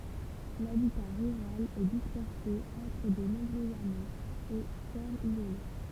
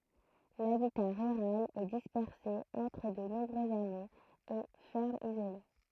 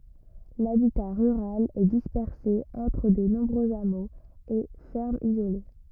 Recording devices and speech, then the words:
temple vibration pickup, throat microphone, rigid in-ear microphone, read sentence
L'habitat rural est dispersé entre de nombreux hameaux et fermes isolées.

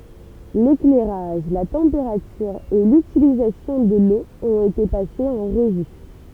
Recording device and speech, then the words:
temple vibration pickup, read sentence
L'éclairage, la température et l'utilisation de l'eau ont été passés en revue.

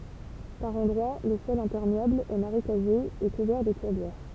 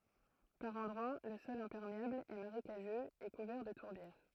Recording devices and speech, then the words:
temple vibration pickup, throat microphone, read sentence
Par endroits le sol imperméable est marécageux et couvert de tourbières.

